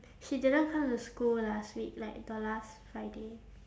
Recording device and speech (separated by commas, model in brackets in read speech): standing microphone, conversation in separate rooms